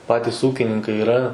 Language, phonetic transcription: Lithuanian, ˈpatis ˈūkininkai iˈra

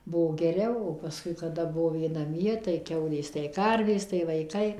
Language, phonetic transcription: Lithuanian, ˈbuo geˈriau o paˈskui kaˈda ˈbuvo ˈjie naˈmie tai ˈkiaulės tai ˈkarvės tai vaiˈkai

